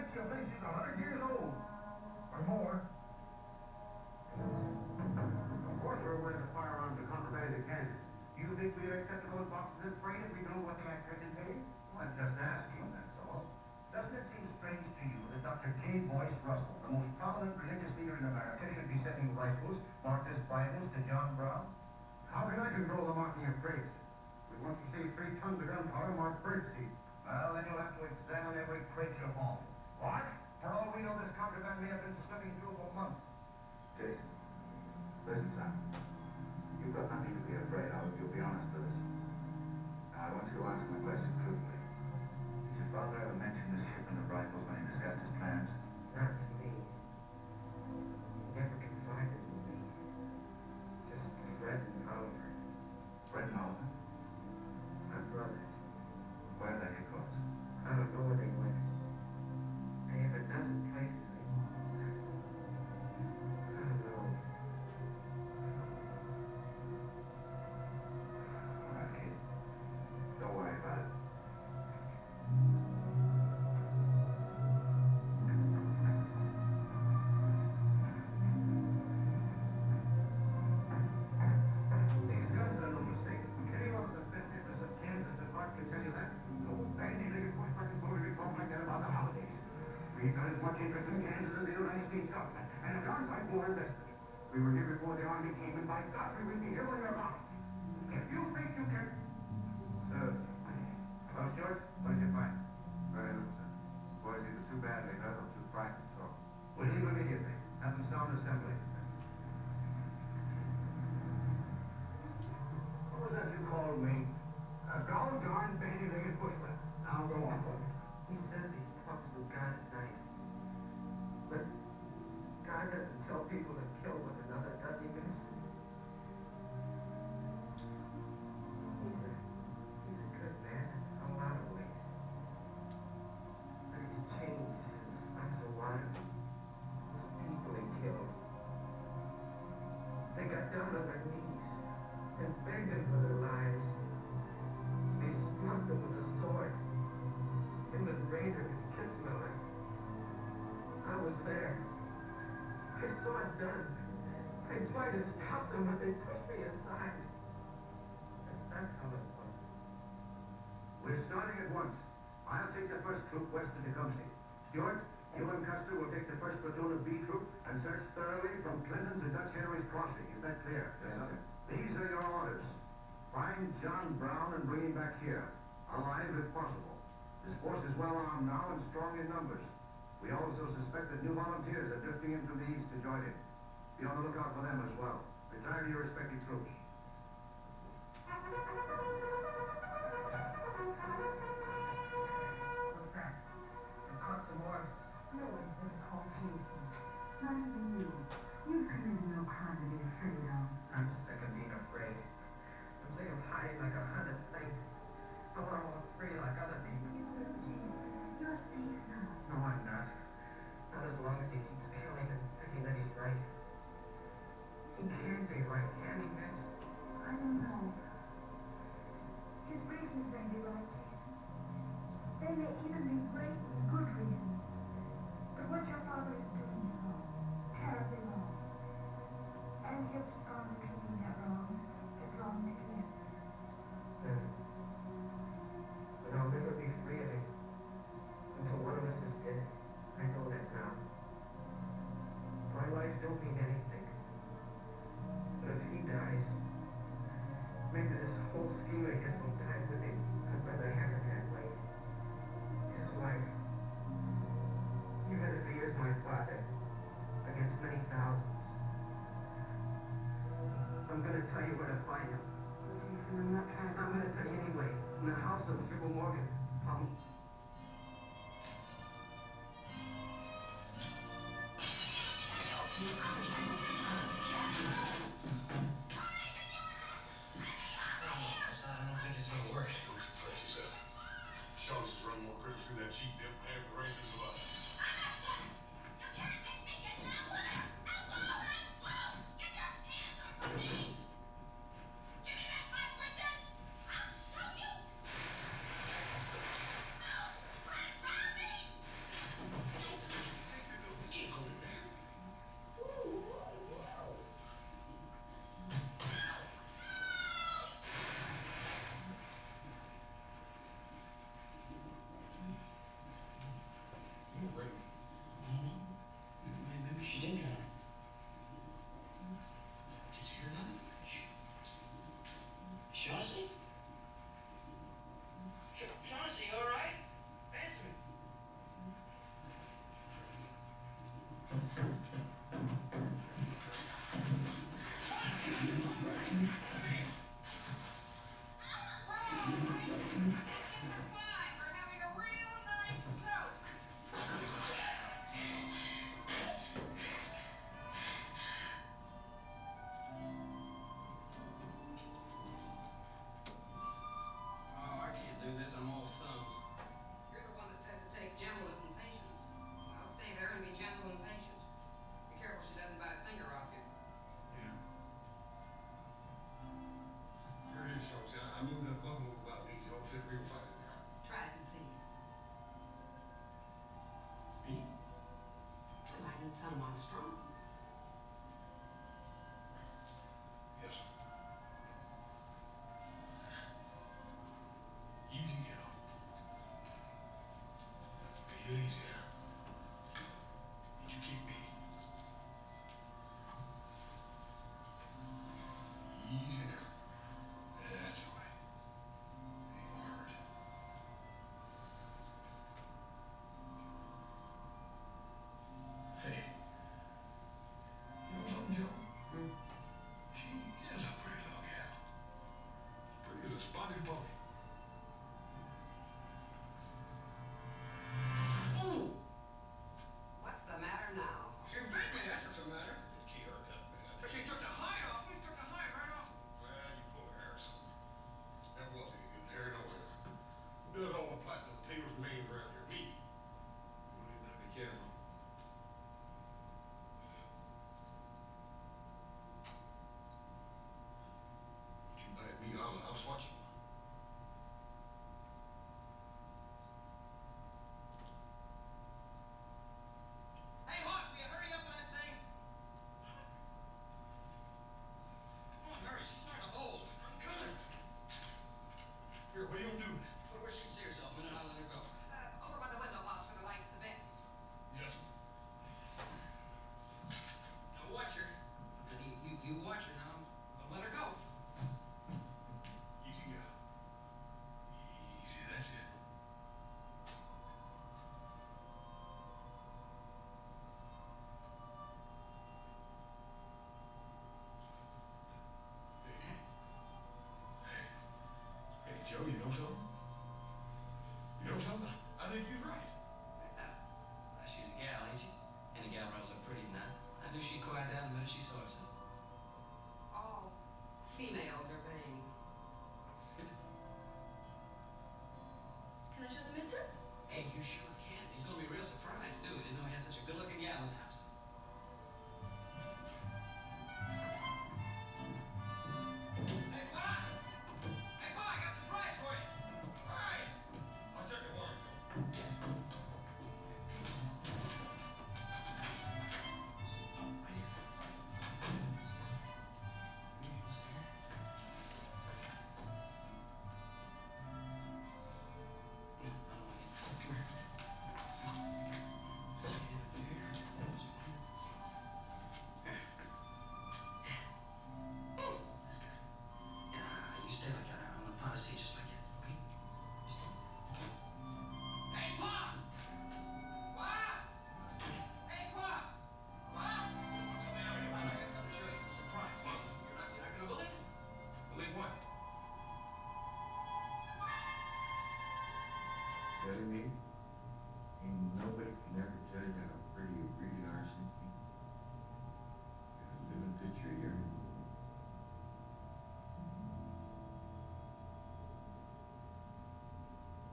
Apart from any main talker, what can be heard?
A television.